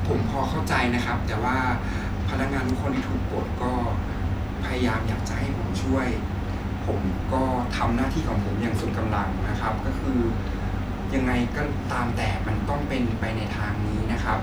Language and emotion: Thai, frustrated